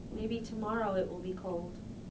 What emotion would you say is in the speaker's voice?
neutral